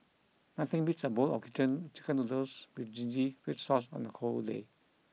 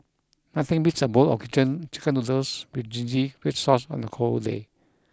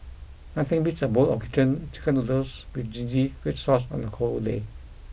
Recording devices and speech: mobile phone (iPhone 6), close-talking microphone (WH20), boundary microphone (BM630), read sentence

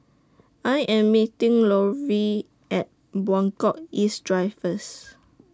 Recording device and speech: standing microphone (AKG C214), read sentence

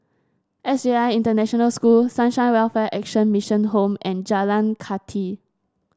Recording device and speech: standing microphone (AKG C214), read sentence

